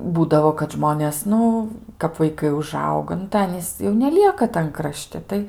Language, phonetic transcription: Lithuanian, ˈbūdavo kad ˈžmonės ˈnu kap vaiˈkai uˈžauga nu tai ˈanys jau neˈlieka tan kraˈšti ˈtai

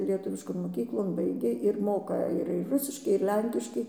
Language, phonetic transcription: Lithuanian, lieˈtuviškon moˈkyklon ˈbaigė ir ˈmoka ir ir ˈrusiškai ir ˈlenkiškai

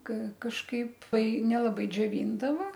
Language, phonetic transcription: Lithuanian, ka kažˈkaip ˈtai nelaˈbai džioˈvyndava

